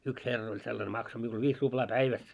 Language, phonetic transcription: Finnish, 'yks 'herr ‿oĺ sellane makso miul 'viis 'ruʙlaa "päiväs .
- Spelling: yksi herra oli sellainen maksoi minulle viisi ruplaa päivässä

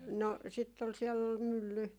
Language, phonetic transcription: Finnish, no , sitt ‿ol siɛll ‿ol "mylly .
- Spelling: no sitten oli siellä oli mylly

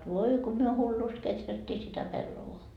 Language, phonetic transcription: Finnish, 'voi ko myö 'hullust "keträttii sitä 'pellovoa .
- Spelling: voi kun me hullusti kehrättiin sitä pellavaa

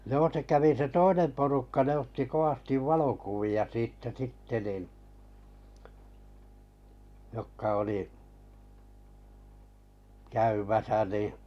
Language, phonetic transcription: Finnish, 'joo se kävi se "toinem porukka ne otti 'koᵛastiv 'valokuvi₍a siittä 'sitte nin , 'jokka oli , 'käymäsä nì ,.
- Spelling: joo se kävi se toinen porukka ne otti kovasti valokuvia siitä sitten niin jotka oli käymässä niin

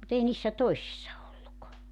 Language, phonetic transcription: Finnish, mu't ‿ei niissä 'toi̬sissa olluk .
- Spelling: mutta ei niissä toisissa ollut

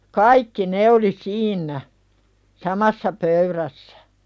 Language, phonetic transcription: Finnish, kaikki ne oli 'siin̆nä , "samassa 'pöyðässᴀ̈ .
- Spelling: kaikki ne oli siinä samassa pöydässä

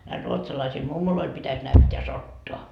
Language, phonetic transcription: Finnish, näil ruotsalaisil "mummoloil pitäs näytteä 'sottoa .
- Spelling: näille ruotsalaisille mummoille pitäisi näyttää sotaa

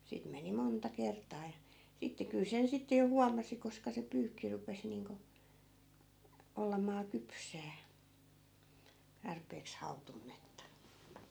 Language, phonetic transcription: Finnish, 'siit meni "monta 'kert̀aa ja , sitte kyl 'sen sitte jo 'huamasi 'koska se 'pyykki rupes niiŋko , 'ollamaa "kypsää , tarpeeks 'hautunnetta .
- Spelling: siitä meni monta kertaa ja sitten kyllä sen sitten jo huomasi koska se pyykki rupesi niin kuin olemaan kypsää tarpeeksi hautunutta

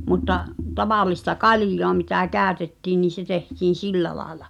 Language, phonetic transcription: Finnish, mutta’ , 'tavàl̆lista "kalⁱj̆joa mitä 'kä̀ötettii niin̬ se 'tehtiin̬ "sillä laaᵉla .
- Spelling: mutta tavallista kaljaa mitä käytettiin niin se tehtiin sillä lailla

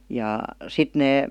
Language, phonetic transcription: Finnish, jà , 'sit nee ,.
- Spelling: ja sitten ne

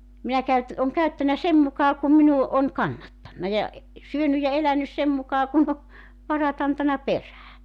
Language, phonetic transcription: Finnish, minä 'käyt- , oŋ 'käyttänä 'sem mukaa kum minu , on 'kannattanna ja e- , 'syönyj ja 'elänys 'sem mukaa kun ‿o , 'varat antana "perää .
- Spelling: minä - olen käyttänyt sen mukaan kuin minun on kannattanut ja - syönyt ja elänyt sen mukaan kuin on varat antanut perään

